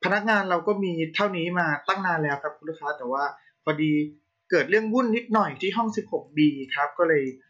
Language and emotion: Thai, frustrated